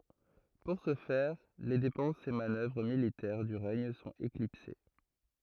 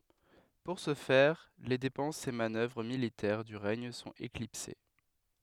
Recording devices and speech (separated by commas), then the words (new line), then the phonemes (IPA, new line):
throat microphone, headset microphone, read sentence
Pour ce faire, les dépenses et manœuvres militaires du règne sont éclipsées.
puʁ sə fɛʁ le depɑ̃sz e manœvʁ militɛʁ dy ʁɛɲ sɔ̃t eklipse